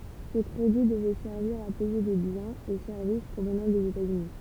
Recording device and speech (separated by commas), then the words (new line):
temple vibration pickup, read sentence
Ce crédit devait servir à payer des biens et services provenant des États-Unis.